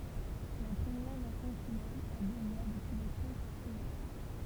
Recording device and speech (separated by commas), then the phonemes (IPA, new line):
temple vibration pickup, read sentence
la pʁəmjɛʁ ʁɛst ɑ̃ tynɛl a dø vwa dəpyi lə tʁɔ̃ kɔmœ̃